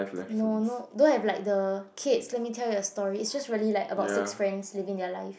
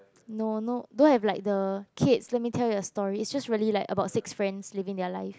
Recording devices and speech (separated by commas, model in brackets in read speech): boundary microphone, close-talking microphone, conversation in the same room